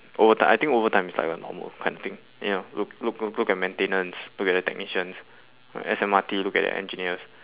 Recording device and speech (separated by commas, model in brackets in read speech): telephone, conversation in separate rooms